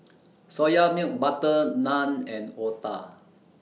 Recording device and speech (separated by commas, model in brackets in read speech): mobile phone (iPhone 6), read sentence